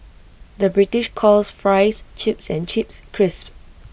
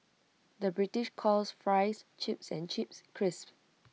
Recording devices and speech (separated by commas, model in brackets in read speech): boundary microphone (BM630), mobile phone (iPhone 6), read sentence